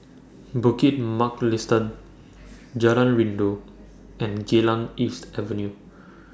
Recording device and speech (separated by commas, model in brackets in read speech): standing microphone (AKG C214), read sentence